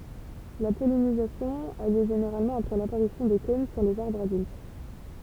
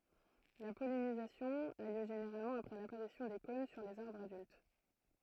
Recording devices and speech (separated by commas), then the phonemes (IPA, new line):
temple vibration pickup, throat microphone, read sentence
la pɔlinizasjɔ̃ a ljø ʒeneʁalmɑ̃ apʁɛ lapaʁisjɔ̃ de kɔ̃n syʁ lez aʁbʁz adylt